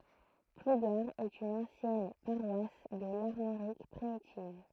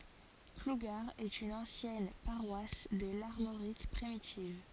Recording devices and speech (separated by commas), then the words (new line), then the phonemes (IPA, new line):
throat microphone, forehead accelerometer, read sentence
Plougar est une ancienne paroisse de l'Armorique primitive.
pluɡaʁ ɛt yn ɑ̃sjɛn paʁwas də laʁmoʁik pʁimitiv